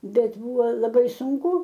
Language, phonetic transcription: Lithuanian, ˈbet ˈbuvo laˈbai sunˈku

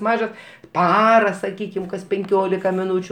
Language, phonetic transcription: Lithuanian, ˈmažas ˈpara saˈkykim kas penˈkiolika miˈnūčiu

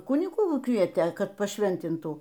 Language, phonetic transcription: Lithuanian, ˈkunigų ˈkvietė ˈkad paˈšventintų

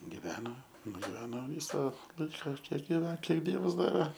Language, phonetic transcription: Lithuanian, giˈveno nugiˈveno ˈvysa ˈlaika ˈkiek giˈven ˈkiek ˈdievas ˈdave

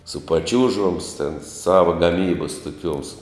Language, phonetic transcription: Lithuanian, su paˈčiūžoms ten ˈsava gaˈmybas toˈkiuoms

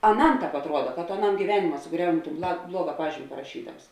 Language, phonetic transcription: Lithuanian, aˈnam ˈtāp atˈruoda ka to aˈnam gyˈvenima suˈgriauni ton bla ˈbluoga ˈpažymi paraˈšydams

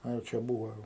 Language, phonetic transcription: Lithuanian, ˈa jau ˈčia ˈbūvo ˈjau

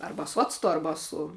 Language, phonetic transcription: Lithuanian, ˈarba su ˈactu ˈarba su

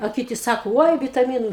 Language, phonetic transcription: Lithuanian, a ˈkiti ˈsako ˈoi vitaˈmynu

